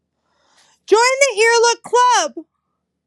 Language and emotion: English, sad